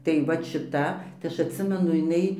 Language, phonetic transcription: Lithuanian, tai ˈvat šiˈta tai ˈaš atˈsimenu jiˈnai

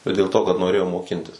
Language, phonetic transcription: Lithuanian, bet dėl ˈto kad noˈrėjom moˈkintis

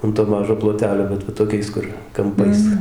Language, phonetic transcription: Lithuanian, an to ˈmažo ploˈtelio bet va toˈkiais kur kamˈpais

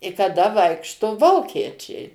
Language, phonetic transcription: Lithuanian, i kaˈda ˈvaikšto ˈvokiečiai

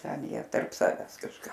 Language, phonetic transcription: Lithuanian, ˈten ˈjie tarp ˈsaves kažˈką

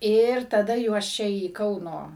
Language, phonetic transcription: Lithuanian, ir taˈda juos ˈčia į ˈkauno

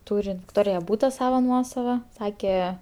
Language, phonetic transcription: Lithuanian, ˈtūri vikˈtorija ˈbūta ˈsava ˈnuosava ˈsake

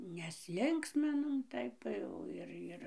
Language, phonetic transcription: Lithuanian, nesˈlinksminom ˈtaip tai jau ir ˈir

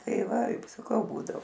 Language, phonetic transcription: Lithuanian, ˈtai ˈva ip saˈkau ˈbūdo

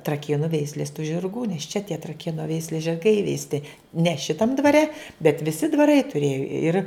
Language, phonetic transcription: Lithuanian, traˈkėnu ˈveislės tu žirˈgų nes čia tie traˈkėnu ˈveislės žirˈgai įveisˈti ne ˈšitam dvaˈre bet viˈsi dvaˈrai tuˈrėju ir

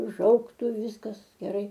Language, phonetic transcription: Lithuanian, u ˈžaugtu ˈviskas geˈrai

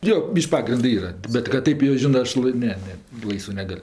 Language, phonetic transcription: Lithuanian, jo ˈbyš'k' ˈpagrindɜ ˈyra bet kad ˈtaip jo ˈžinɜ ˈaš lai ˈne ˈne ˈlaisvɜ ˈnegal'

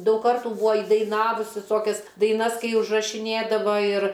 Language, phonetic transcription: Lithuanian, ˈdaug ˈkartų ˈbūa įdaiˈnavus viˈsokias daiˈnas ˈkai užrašiˈnėdava ir

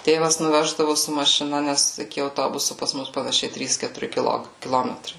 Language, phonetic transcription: Lithuanian, ˈtėvas nuˈveždavu su mašiˈna ˈnes iki auˈtobusu pas ˈmus panaˈšiai ˈtrys ketuˈri kiˈlok kiˈlometrai

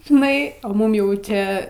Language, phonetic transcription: Lithuanian, žiˈnai a ˈmum jau ˈčia

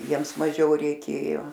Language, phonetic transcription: Lithuanian, ˈjiems maˈžiau reiˈkėjo

